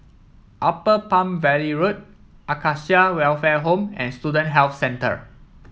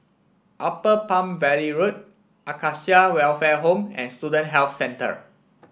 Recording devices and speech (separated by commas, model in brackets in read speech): mobile phone (iPhone 7), boundary microphone (BM630), read sentence